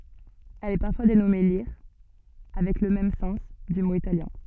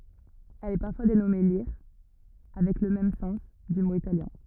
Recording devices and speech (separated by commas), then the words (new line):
soft in-ear microphone, rigid in-ear microphone, read sentence
Elle est parfois dénommée lire avec le même sens, du mot italien.